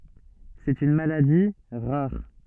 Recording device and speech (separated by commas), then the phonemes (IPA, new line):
soft in-ear microphone, read sentence
sɛt yn maladi ʁaʁ